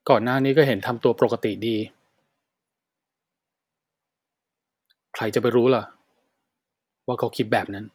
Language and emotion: Thai, sad